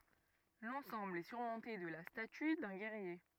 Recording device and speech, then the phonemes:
rigid in-ear microphone, read sentence
lɑ̃sɑ̃bl ɛ syʁmɔ̃te də la staty dœ̃ ɡɛʁje

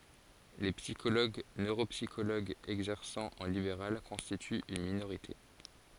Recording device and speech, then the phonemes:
forehead accelerometer, read sentence
le psikoloɡ nøʁopsikoloɡz ɛɡzɛʁsɑ̃ ɑ̃ libeʁal kɔ̃stityt yn minoʁite

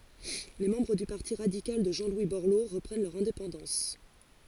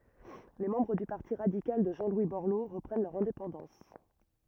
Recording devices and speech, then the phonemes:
forehead accelerometer, rigid in-ear microphone, read sentence
le mɑ̃bʁ dy paʁti ʁadikal də ʒɑ̃ lwi bɔʁlo ʁəpʁɛn lœʁ ɛ̃depɑ̃dɑ̃s

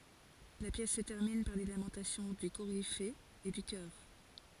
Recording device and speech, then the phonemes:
forehead accelerometer, read sentence
la pjɛs sə tɛʁmin paʁ le lamɑ̃tasjɔ̃ dy koʁife e dy kœʁ

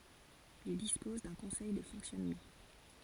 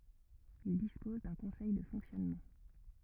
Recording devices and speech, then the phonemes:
forehead accelerometer, rigid in-ear microphone, read sentence
il dispɔz dœ̃ kɔ̃sɛj də fɔ̃ksjɔnmɑ̃

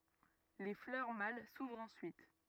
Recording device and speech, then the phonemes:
rigid in-ear microphone, read sentence
le flœʁ mal suvʁt ɑ̃syit

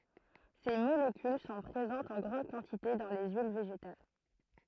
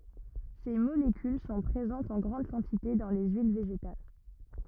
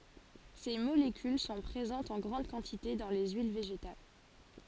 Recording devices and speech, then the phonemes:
throat microphone, rigid in-ear microphone, forehead accelerometer, read sentence
se molekyl sɔ̃ pʁezɑ̃tz ɑ̃ ɡʁɑ̃d kɑ̃tite dɑ̃ le yil veʒetal

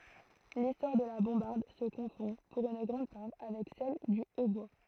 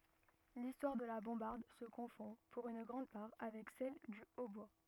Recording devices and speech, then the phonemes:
throat microphone, rigid in-ear microphone, read sentence
listwaʁ də la bɔ̃baʁd sə kɔ̃fɔ̃ puʁ yn ɡʁɑ̃d paʁ avɛk sɛl dy otbwa

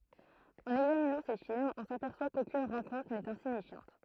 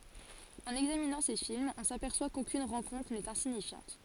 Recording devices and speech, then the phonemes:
throat microphone, forehead accelerometer, read sentence
ɑ̃n ɛɡzaminɑ̃ se filmz ɔ̃ sapɛʁswa kokyn ʁɑ̃kɔ̃tʁ nɛt ɛ̃siɲifjɑ̃t

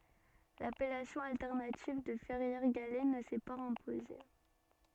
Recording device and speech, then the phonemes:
soft in-ear microphone, read sentence
lapɛlasjɔ̃ altɛʁnativ də fɛʁjɛʁ ɡalɛ nə sɛ paz ɛ̃poze

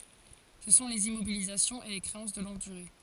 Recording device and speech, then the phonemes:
forehead accelerometer, read sentence
sə sɔ̃ lez immobilizasjɔ̃z e le kʁeɑ̃s də lɔ̃ɡ dyʁe

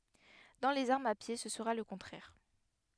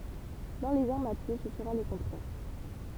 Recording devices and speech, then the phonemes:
headset microphone, temple vibration pickup, read sentence
dɑ̃ lez aʁmz a pje sə səʁa lə kɔ̃tʁɛʁ

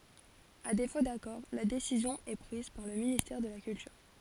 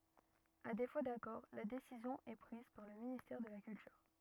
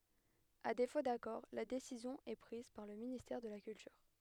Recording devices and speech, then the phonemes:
forehead accelerometer, rigid in-ear microphone, headset microphone, read sentence
a defo dakɔʁ la desizjɔ̃ ɛ pʁiz paʁ lə ministɛʁ də la kyltyʁ

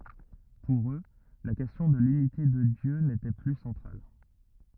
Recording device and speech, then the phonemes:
rigid in-ear microphone, read sentence
puʁ ø la kɛstjɔ̃ də lynite də djø netɛ ply sɑ̃tʁal

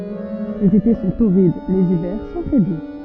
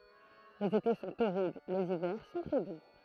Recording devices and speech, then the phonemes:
soft in-ear microphone, throat microphone, read sentence
lez ete sɔ̃ toʁid lez ivɛʁ sɔ̃ tʁɛ du

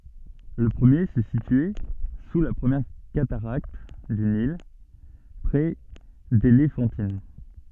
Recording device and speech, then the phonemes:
soft in-ear microphone, read sentence
lə pʁəmje sə sityɛ su la pʁəmjɛʁ kataʁakt dy nil pʁɛ delefɑ̃tin

